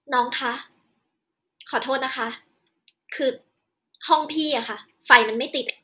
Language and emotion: Thai, frustrated